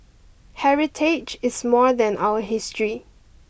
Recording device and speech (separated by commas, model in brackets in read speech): boundary microphone (BM630), read sentence